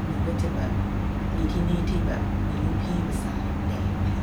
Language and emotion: Thai, neutral